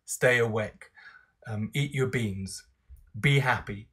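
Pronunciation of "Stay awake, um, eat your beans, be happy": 'Stay awake', 'eat your beans' and 'be happy' are each said with a falling intonation.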